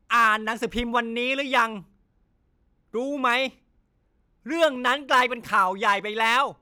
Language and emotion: Thai, angry